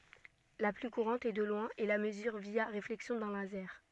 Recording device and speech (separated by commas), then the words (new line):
soft in-ear microphone, read sentence
La plus courante, et de loin, est la mesure via réflexion d'un laser.